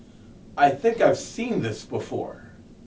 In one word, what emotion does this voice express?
neutral